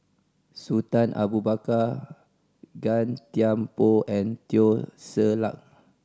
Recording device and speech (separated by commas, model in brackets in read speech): standing microphone (AKG C214), read sentence